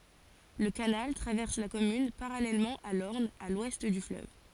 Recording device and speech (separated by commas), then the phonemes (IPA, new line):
forehead accelerometer, read sentence
lə kanal tʁavɛʁs la kɔmyn paʁalɛlmɑ̃ a lɔʁn a lwɛst dy fløv